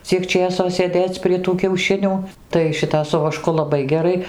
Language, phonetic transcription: Lithuanian, ˈciek ˈčėso sėˈdėc prie tų kiauˈšinių tai ˈšita su vaˈšku laˈbai geˈrai

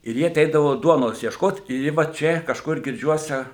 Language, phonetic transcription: Lithuanian, ir ˈji aˈteidavo ˈduonos iešˈkot ir ˈji va ˈčia kažˈkur girˈdžiuose

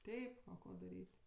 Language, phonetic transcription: Lithuanian, ˈteip ˈko daˈryt'

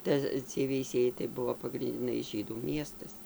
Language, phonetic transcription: Lithuanian, ˈta ciej veiˈsiejai tai ˈbuvo pagrindiˈnai ˈžydų ˈmiestas

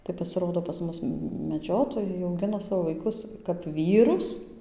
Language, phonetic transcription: Lithuanian, tai pasiˈrodo pas ˈmus meˈdžiotojai auˈgina ˈsavo vaiˈkus kap ˈvyrus

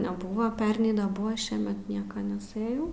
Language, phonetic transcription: Lithuanian, neˈbuva ˈpernei neˈbuva ˈšiemet ˈnieka neˈsɘjau

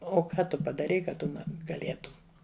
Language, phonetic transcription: Lithuanian, o ˈka ˈtu padaˈrei ka ˈtu gaˈlėtum

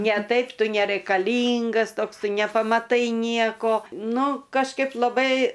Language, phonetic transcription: Lithuanian, ne ˈtaip ˈtu neraikaˈlyngas ˈtoks ˈtu nepamaˈtai ˈnieko ˈnu kažˈkaip laˈbai

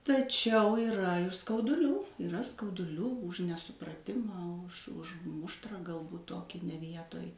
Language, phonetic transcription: Lithuanian, taˈčiau yˈra ir skauduˈlių yˈra skauduˈlių už nesupraˈtimą už ˈuž ˈmuštrą galˈbūt ˈtoki ne ˈvietoj

